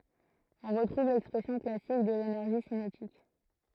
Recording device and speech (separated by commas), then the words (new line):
throat microphone, read sentence
On retrouve l'expression classique de l'énergie cinétique.